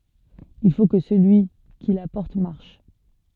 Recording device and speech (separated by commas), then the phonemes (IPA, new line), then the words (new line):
soft in-ear microphone, read sentence
il fo kə səlyi ki la pɔʁt maʁʃ
Il faut que celui qui la porte marche.